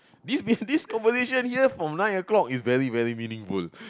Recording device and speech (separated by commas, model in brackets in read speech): close-talking microphone, conversation in the same room